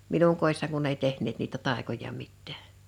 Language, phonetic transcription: Finnish, 'minuŋ kòi̬ssaŋ kunn ‿ei 'tehǹeet niitä 'tàekoja 'mittᴀ̈ᴀ̈ .
- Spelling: minun kodissani kun ei tehneet niitä taikoja mitään

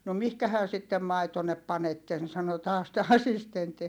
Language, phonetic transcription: Finnish, » no mihkähä sittem maitonnep panetten » sano taas tä asistentti .
- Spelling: no mihinkähän sitten maitonne panette sanoi taas tämä assistentti

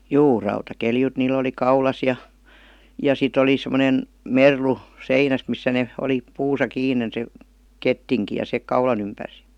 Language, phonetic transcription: Finnish, juu , 'rauta'keljut niil̆l ‿oli 'kaulas ja , ja 'sit ‿oli 'sem°nen , "merlu , 'seinäs , missä ne , oli , 'puusa kiinen se , "kettiŋki ja se , 'kaulan ‿ympärs .
- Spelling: juu rautaketjut niillä oli kaulassa ja ja sitten oli semmoinen merlu seinässä missä ne oli puussa kiinni se kettinki ja se kaulan ympäri

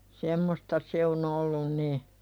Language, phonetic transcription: Finnish, 'semmosta se o"n ‿ollun ni .
- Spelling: semmoista se on ollut niin

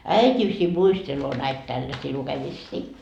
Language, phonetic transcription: Finnish, » 'äit́isi muisteloo näit 'tälläsii lukemissii . »
- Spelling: äitisi muistelee näitä tällaisia lukemisia

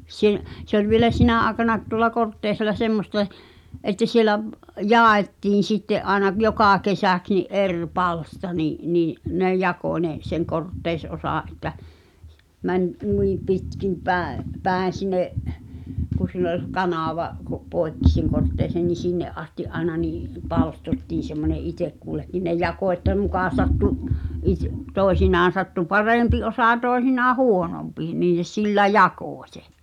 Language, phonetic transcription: Finnish, sⁱ- , se ‿oĺ vielä "sinä aaᵉkanaet tuŏla 'Korttèisel̆la semmoste̳ , että sielä v- , "ja̳a̳ettiin̬ sitte’ ’aena 'jokà 'kesäks ni’ "’er 'palsta ni’ , nii , ne "jakò ńe , seŋ 'Kortteis'’osà’ ’että , 'mäń , 'nui , 'pitkim päe’ , 'pä̀en̬ sin̆ne’ , ku (siin ‿ol sᵉ) 'kanàva ko- , "poekki sen 'Kortteisen ni "sinne’ ’asti’ '’aena nii , "palstottiin̬ semmone "itek kullekkin ne "jako että 'mukà sattu , is- , 'tòi̬sinaan̬ sattu "parèmpi osà "tòi̬sinaa "huonompi nii ne 'sillä "jakò śe .
- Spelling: - se oli vielä sinä aikanakin tuolla Kortteisella semmoista että siellä - jaettiin sitten aina joka kesäksi niin eri palsta niin niin ne jakoi ne sen Kortteis-osan että meni noin pitkin päin päin sinne kun siinä oli se kanava - poikki sen Kortteisen niin sinne asti aina niin palstottiin semmoinen itse kullekin ne jakoi että muka sattui - toisinaan sattui parempi osa toisinaan huonompi niin ne sillä jakoi sen

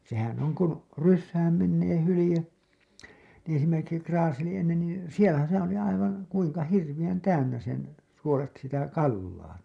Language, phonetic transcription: Finnish, sehän oŋ kun̬ , 'ryssääm 'mennee 'hulĭje , niḭ esimerkiksi 'kraaseli ennen nii , 'sielä , sehää̰ oli aivaa̰ , 'kuiŋka 'hirviʲän 'täynnä sen , suolet sitä 'kallaa .
- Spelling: sehän on kun rysään menee hylje niin esimerkiksi kraaseli ennen niin siellä sehän oli aivan kuinka hirveän täynnä sen suolet sitä kalaa

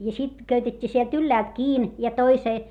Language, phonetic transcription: Finnish, ja sit köytet́t́ii sielt ylläält kiin , ja toisee .
- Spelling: ja sitten köytettiin sieltä ylhäältä kiinni ja toiseen

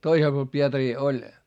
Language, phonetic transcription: Finnish, toisel puol Pietarii oĺ , .
- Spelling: toisella puolella Pietaria oli

